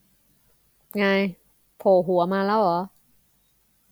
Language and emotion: Thai, frustrated